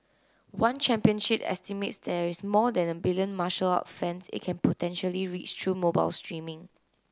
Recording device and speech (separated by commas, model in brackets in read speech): close-talking microphone (WH30), read sentence